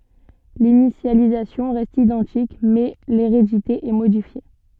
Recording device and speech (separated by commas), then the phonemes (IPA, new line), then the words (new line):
soft in-ear microphone, read sentence
linisjalizasjɔ̃ ʁɛst idɑ̃tik mɛ leʁedite ɛ modifje
L'initialisation reste identique, mais l'hérédité est modifiée.